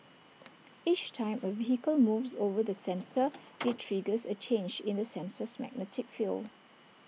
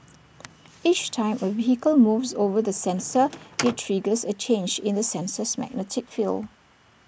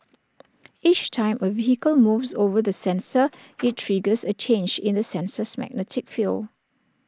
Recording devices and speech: mobile phone (iPhone 6), boundary microphone (BM630), standing microphone (AKG C214), read sentence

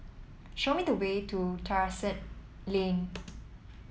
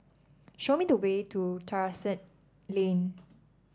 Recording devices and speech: mobile phone (iPhone 7), standing microphone (AKG C214), read sentence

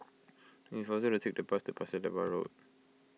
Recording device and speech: mobile phone (iPhone 6), read sentence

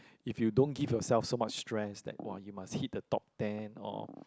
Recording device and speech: close-talking microphone, conversation in the same room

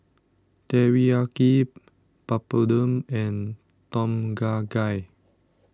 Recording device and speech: standing microphone (AKG C214), read sentence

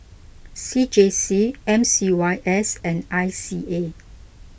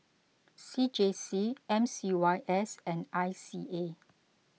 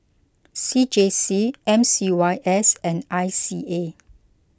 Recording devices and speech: boundary microphone (BM630), mobile phone (iPhone 6), close-talking microphone (WH20), read sentence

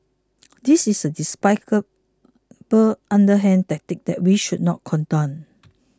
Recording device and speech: close-talking microphone (WH20), read sentence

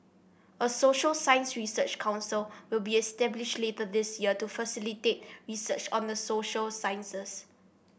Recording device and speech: boundary microphone (BM630), read sentence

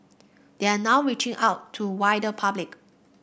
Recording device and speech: boundary microphone (BM630), read sentence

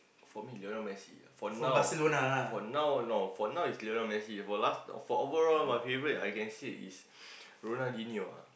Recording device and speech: boundary microphone, conversation in the same room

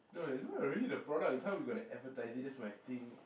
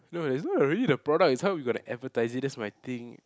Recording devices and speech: boundary microphone, close-talking microphone, conversation in the same room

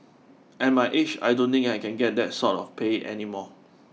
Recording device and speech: mobile phone (iPhone 6), read sentence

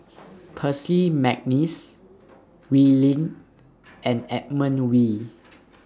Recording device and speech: standing microphone (AKG C214), read sentence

